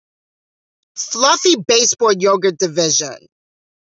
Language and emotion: English, angry